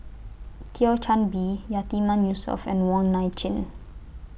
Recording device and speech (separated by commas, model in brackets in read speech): boundary microphone (BM630), read sentence